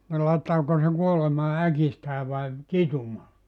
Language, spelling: Finnish, niin laittaako se kuolemaan äkistään vai kitumaan
- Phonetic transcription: ni laittaako se 'kuolemaa "äkistää vai , "kitumaa ? «

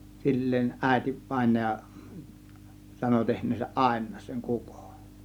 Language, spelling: Finnish, silleen äiti vainaja sanoi tehneensä aina sen kukon
- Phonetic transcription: 'sil̀leen , 'ˀä̀ėti , 'vàėnaja , sano tehǹeesäˀ "ˀàėǹaas seŋ "kukON .

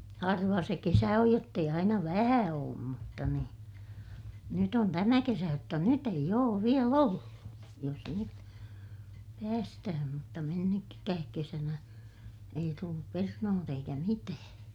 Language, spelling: Finnish, harva se kesä on jotta ei aina vähän ole mutta niin nyt on tämä kesä jotta nyt ei ole vielä ollut jos nyt päästään mutta - mennytkään kesänä ei tullut perunoita eikä mitään
- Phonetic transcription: harva se kesä oj jott ‿eij aina vähä oom mutta ni , nyt ‿on tämä kesä jotta nyt eij ‿oov viel ‿ollu , jos nyt , päästähäm mutta mennyk- , -kääk kesänä , ei tullup pernoot ‿eikä mitää .

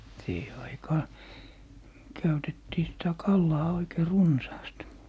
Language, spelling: Finnish, siihen aikaan käytettiin sitä kalaa oikein runsaasti
- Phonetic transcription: siihe 'aikaaⁿ , 'käytettii sitä "kallaa 'oikei "runsaast .

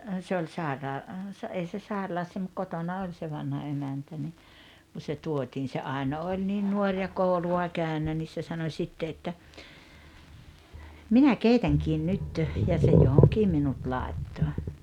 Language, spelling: Finnish, se oli - - ei se sairaalassa mutta kotona oli se vanha emäntä niin kun se tuotiin se Aino oli niin nuori ja koulua käynyt niin se sanoi sitten että minä keitänkin nyt ja se johonkin minut laittoi
- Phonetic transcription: se oĺ 'sàeraa- , sa- 'ei se "saeralassa mut 'kotona 'oĺ se 'vanha 'emäntä ni , ku se 'tuotiin se 'Ai̬no oĺ niin "nuoŕ ja "kòulu₍a 'käynä nis se sano 'śitte että , » "minä "keitäŋkiin 'nyt « , ja se 'johoŋkii minut 'làetto .

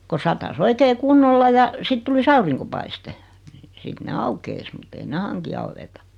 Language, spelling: Finnish, kun sataisi oikein kunnolla ja sitten tulisi auringonpaiste no sitten ne aukeaisi mutta ei ne hanki aueta
- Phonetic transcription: ko 'sata"s ‿"oikee 'kunnolla ja , 'sit tulis 'auriŋkopaiste , ⁿⁱ 'sit ne "aukeis mut't ‿ei ne 'haŋki 'auweta .

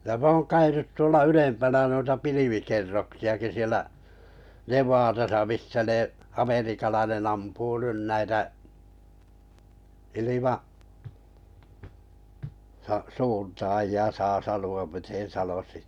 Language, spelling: Finnish, ja minä olen käynyt tuolla ylempänä noita pilvikerroksiakin siellä Nevadassa missä ne amerikkalainen ampuu nyt näitä - - ilmasuuntaajia saa sanoa miten sanoisi
- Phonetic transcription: ja mᵊ ‿oon 'käynyt tuolla "ylempänä n(u)ita 'pilivikerroksi₍aki sielä , 'Nev̀aatasa 'mis̳s̳ä 'ne , 'ameríikalainen ampuu 'nyn 'näitä , 'ilima- , sa- -'suuntaaji₍a 'saa 'sanu₍am miten̬ 'sanosi .

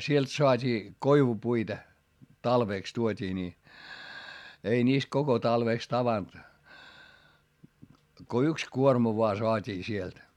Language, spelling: Finnish, sieltä saatiin koivupuita talveksi tuotiin niin ei niistä koko talveksi tavannut kun yksi kuorma vain saatiin sieltä
- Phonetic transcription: sielt soat́ii , koivupuita , talvèks tuot́ii ni , ei niist koko talvèks tavant , ko yks kuorma voa soat́ii sielt .

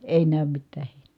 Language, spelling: Finnish, ei näy mitään heinää
- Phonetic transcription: èi nä̀ym mittää hEINE .

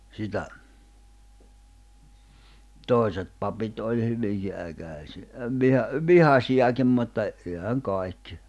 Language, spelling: Finnish, sitä toiset papit oli hyvinkin - - - vihaisiakin mutta eihän kaikki
- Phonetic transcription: sitä , 'tòiset papit oĺ 'hyviŋki '’äkä̀si- , ə viha- , "vihasi₍akim mutta , èhäŋ 'kài̬kkɪ .

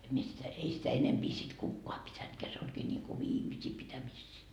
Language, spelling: Finnish, en minä sitä ei sitä enempi sitten kukaan pitänytkään se olikin niin kuin viimeisiä pitämisiä
- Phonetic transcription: 'em mie sitä , 'ei sitä 'enempi sit "kukkoa 'pitäntkeä se oĺkii ńiŋku "viimisii pitämissii .

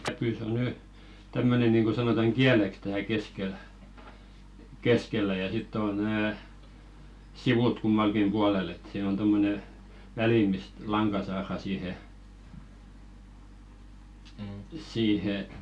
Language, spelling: Finnish, käpy se on nyt tämmöinen niin kuin sanotaan kieleksi täällä keskellä keskellä ja sitten on nämä sivut kummallakin puolella että siinä on tuommoinen väli mistä lanka saadaan siihen siihen
- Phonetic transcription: "käpỳ se ‿o 'ny , 'tämmöne nìŋɢo sanotaŋ "ɢiäleks tääl 'keskel , "keskellä ja 'sitt ‿òn̆ nää , "sivut kummalkim 'ʙualel ‿et , siin ‿on 'tommone , "välì mist "laŋka saarà 'siihe , 'siihe ,.

